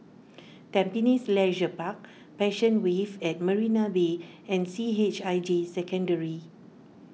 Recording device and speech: mobile phone (iPhone 6), read sentence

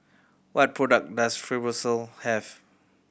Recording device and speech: boundary microphone (BM630), read sentence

